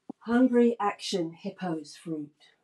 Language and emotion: English, happy